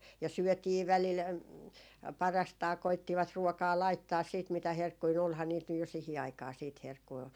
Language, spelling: Finnish, ja syötiin välillä parastaan koettivat ruokaa laittaa sitten mitä herkkuja nyt olihan niitä nyt jo siihen aikaa sitten herkkuja
- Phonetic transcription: ja "syötii 'välil , 'parastaa 'koittivat "ruokaa 'laittaas siit mitä "herkkui ny olhaa niit nyj jo 'sihi aikaa siit 'herkkui .

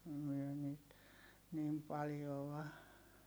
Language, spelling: Finnish, me niitä niin paljoa
- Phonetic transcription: myö niit , niim paljoᵛa .

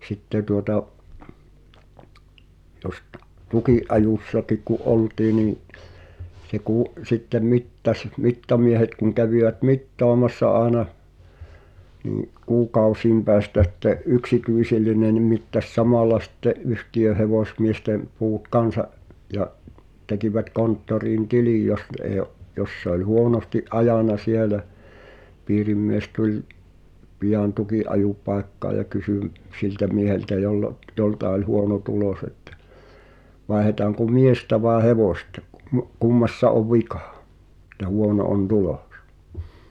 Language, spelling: Finnish, sitten tuota jos - tukinajossakin kun oltiin niin se kun sitten mittasi mittamiehet kun kävivät mittaamassa aina niin kuukausien päästä sitten yksityinen niin mittasi samalla sitten yhtiön hevosmiesten puut kanssa ja tekivät konttoriin tilin jos ne ei ole jos se oli huonosti ajanut siellä piirimies tuli pian tukinajopaikkaan ja kysyi - siltä mieheltä jolla - jolta oli huono tulos että vaihdetaanko miestä vai hevosta - kummassa on vika että huono on tulos
- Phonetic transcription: 'sitte tuota’ , 'jos t- , "tuki’’ajùssakik ku’ "’oltii nii , se kù’ , sittem 'mittaś , 'mittamiehet kuŋ kävivät "mittɔamassa ’aaena , nii’ , 'kuuk̀ausiim pɛästä sitte’ "’yksityisi̬lline ni mittas "samàla sⁱtte , '’yhti₍öh̆ hevòsmiestem̆ , 'puut "kansa’ , ja’ , 'tekivät 'konttoriin "tilij jos (ⁿᵗ èi o) , 'jos se ‿oĺ 'huonosti’ "’ajàna 'sielä , 'piirimmies 'tuĺ , 'piʲan "tuki’’ajupaekkaa ja kysy m- , 'siltä mieheltä joll ‿ot- , 'jolta oĺ "huono 'tulòs että , » 'vaehetaaŋko "miestä vàe 'hevòsta , kum- , "kummassa ov 'vikᴀ̀ , ᴱᵗtä "huono on "tulᴏ̀s « .

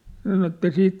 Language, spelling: Finnish, sanoi että siitä
- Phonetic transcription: sano että 'siit ,.

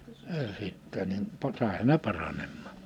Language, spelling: Finnish, - sitten niin - saihan ne paranemaan
- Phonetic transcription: ə 'sittɛ nim po- , 'sàiha ne 'paranemmaa .

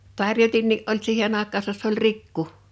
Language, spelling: Finnish, tarjotinkin oli siihen aikaansa se oli rikku
- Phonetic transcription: 'tarjotinnii ’oĺ "siihen àek̆kaasas se ‿ol "rikku .

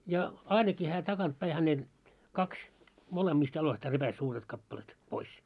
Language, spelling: Finnish, ja ainakin hän takaa päin häneltä kaksi molemmista jaloistaan repäisi suuret kappaleet pois
- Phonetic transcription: ja , 'ainaki hää 'takant päi hänelt , 'kaks , 'molemmiist jaloistaa 'repäs suuret kappalet , 'pois .

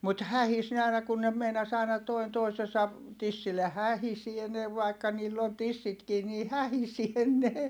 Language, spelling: Finnish, mutta hähisi ne aina kun ne meinasi aina toinen toisensa tissille hähisee ne vaikka niillä on tissitkin niin hähisee ne
- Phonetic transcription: mut hähis ne ài̮na kun ne meinas ‿ài̮na , toin toisesa , tissille(.) hähisie ne vai̮kka niill ‿on tissitkii nii hähisie ne .

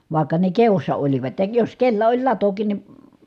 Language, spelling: Finnish, vaikka ne kedossa olivat ja jos kenellä oli latokin niin
- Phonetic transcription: vài̮kka ne keossa olivat , ja jos kellä oĺ latokin ni ,.

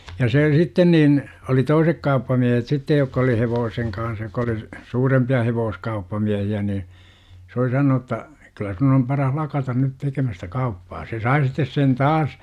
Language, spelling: Finnish, ja se sitten niin oli toiset kauppamiehet sitten jotka oli hevosen kanssa jotka oli suurempia hevoskauppamiehiä niin se oli sanonut jotta kyllä sinun - on paras lakata nyt tekemästä kauppaa se sai sitten sen taas
- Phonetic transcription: ja see 'sitten niin , oli "toisek 'kauppamiehet 'sittej jokka oli "hevooseŋ kaah jokka oli , "suurempi₍a 'hevoos-kauppamiähi₍ä nii , s ‿oli 'sanonu °tta , kyllä » sun ‿ om 'paran "lakatan nyt 'tekemästä "kauppaa « se 'sai sittes sen "taas .

